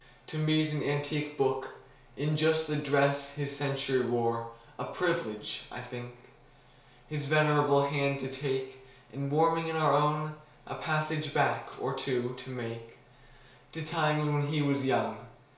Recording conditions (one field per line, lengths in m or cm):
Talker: one person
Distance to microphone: 1.0 m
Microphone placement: close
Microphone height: 1.1 m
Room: small (3.7 m by 2.7 m)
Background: none